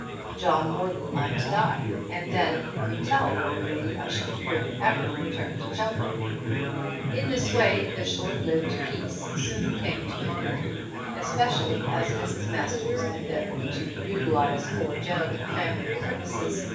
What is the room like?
A large room.